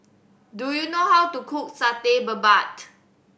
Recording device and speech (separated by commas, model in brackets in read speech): boundary microphone (BM630), read sentence